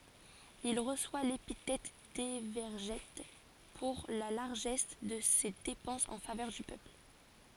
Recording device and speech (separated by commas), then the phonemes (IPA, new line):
forehead accelerometer, read sentence
il ʁəswa lepitɛt devɛʁʒɛt puʁ la laʁʒɛs də se depɑ̃sz ɑ̃ favœʁ dy pøpl